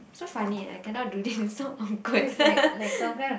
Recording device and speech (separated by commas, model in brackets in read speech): boundary microphone, conversation in the same room